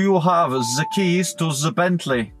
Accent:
german accent